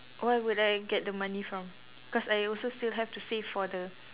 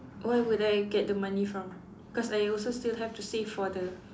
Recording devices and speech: telephone, standing microphone, conversation in separate rooms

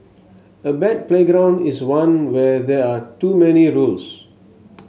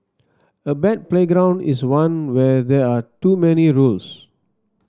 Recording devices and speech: mobile phone (Samsung S8), standing microphone (AKG C214), read sentence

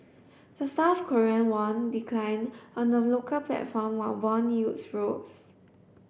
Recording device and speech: boundary microphone (BM630), read sentence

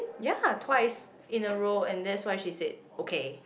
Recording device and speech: boundary microphone, conversation in the same room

